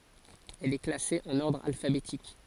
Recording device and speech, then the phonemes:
forehead accelerometer, read sentence
ɛl ɛ klase ɑ̃n ɔʁdʁ alfabetik

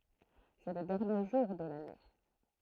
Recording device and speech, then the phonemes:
throat microphone, read sentence
sɛ lə dɛʁnje ʒuʁ də lane

